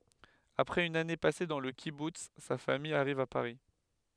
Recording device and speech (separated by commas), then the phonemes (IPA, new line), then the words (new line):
headset microphone, read sentence
apʁɛz yn ane pase dɑ̃ lə kibuts sa famij aʁiv a paʁi
Après une année passée dans le kibboutz, sa famille arrive à Paris.